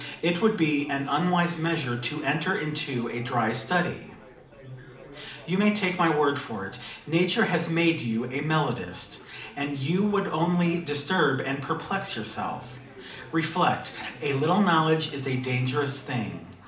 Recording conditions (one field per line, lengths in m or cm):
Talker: one person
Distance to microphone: 2.0 m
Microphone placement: close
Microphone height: 99 cm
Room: medium-sized (5.7 m by 4.0 m)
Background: babble